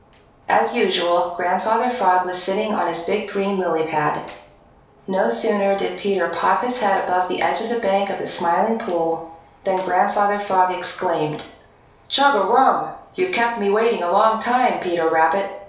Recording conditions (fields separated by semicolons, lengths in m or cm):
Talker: one person; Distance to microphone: 3.0 m; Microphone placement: far; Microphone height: 1.8 m; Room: small (3.7 m by 2.7 m); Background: none